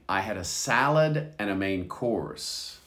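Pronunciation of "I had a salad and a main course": In 'and', the d sound is hardly heard.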